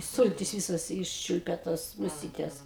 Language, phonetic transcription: Lithuanian, ˈsultis ˈvysas ˈiščiulpia tos muˈsytes

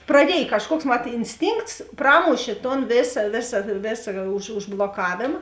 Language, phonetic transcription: Lithuanian, praˈdiej kažˈkuoks mat insˈtynkts ˈpramušė ton ˈvėsa ˈvėsa ˈvėsa už užbloˈkavėma

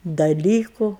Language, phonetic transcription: Lithuanian, daˈlyku

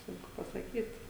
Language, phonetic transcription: Lithuanian, ˈsunku pasaˈkyt

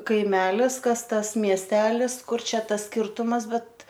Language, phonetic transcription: Lithuanian, kaiˈmelis ˈkas ˈtas miesˈtelis ˈkur ˈčia ˈtas skirtumas ˈbet

